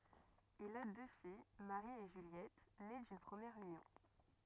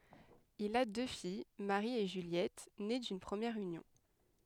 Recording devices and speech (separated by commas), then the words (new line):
rigid in-ear microphone, headset microphone, read sentence
Il a deux filles, Marie et Juliette, nées d'une première union.